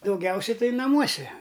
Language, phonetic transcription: Lithuanian, daugˈiausia ˈtai naˈmuose

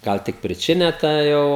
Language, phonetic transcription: Lithuanian, ˈgal tik priˈčinia ta ˈjau

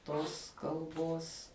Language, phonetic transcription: Lithuanian, ˈtos kalˈbos

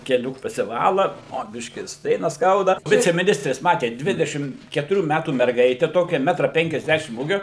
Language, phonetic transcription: Lithuanian, keˈlių pasiˈvala o ˈbiškį ir ˈstrėnas ˈskauda ˌvicemiˈnistrės ˈmatėt ˈdvidešim ketuˈrių ˈmætų merˈgaite ˈtokia ˈmetra penkiasˈdæšim ˈūgio

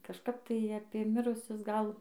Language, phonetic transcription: Lithuanian, kažˈkap ˈtai apė ˈmirusius ˈgal

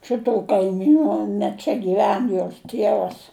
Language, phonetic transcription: Lithuanian, ˈšitų kaiˈmynu ne ˈčia gyˈven jos ˈtievas

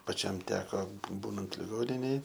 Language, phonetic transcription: Lithuanian, paˈčiam ˈteko bū ˈbūnant liˈgoninėj

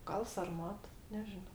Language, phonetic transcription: Lithuanian, ˈgal sarˈmat neˈžino

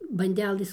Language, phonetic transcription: Lithuanian, banˈdelɘs

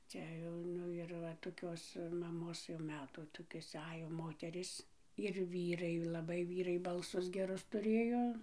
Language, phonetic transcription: Lithuanian, ˈcia jau ˈnu ir ˈva toˈkios maˈmos jau ˈmetų ˈtokios ˈajo ˈmoterys ir vyˈrai laˈbai ˈvyrai balˈsus geˈrus tuˈrėjo

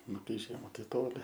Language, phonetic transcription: Lithuanian, ˈnu kai ˈžiema tai ˈtoli

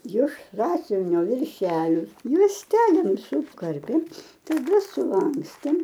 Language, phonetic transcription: Lithuanian, jiš ˈsąsiuvinio virˈšelio juosˈtelėm suˈkarpėm taˈda suˈlankstėm

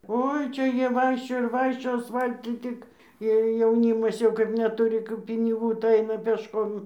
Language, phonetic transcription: Lithuanian, ˈoi ˈčia ˈjie ˈvaikščiojo ir ˈvaikščiojo asˈfaltu ˈtik ir jauˈnymas jau kaip neˈturi kap piniˈgų tai ˈaina pėšˈkom

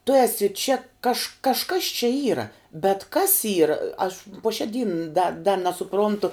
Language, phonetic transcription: Lithuanian, tu ˈesi čia kaž kažˈkas čia ˈyra bet kas ˈyra aš puo šia ˈdyn da da nesuˈprontu

